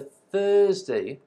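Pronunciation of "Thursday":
In 'Thursday', the R is not pronounced; it is completely silent.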